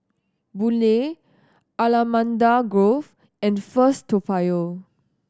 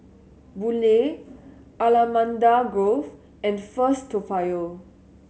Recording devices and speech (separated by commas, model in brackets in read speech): standing microphone (AKG C214), mobile phone (Samsung S8), read sentence